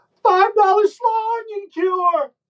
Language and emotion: English, fearful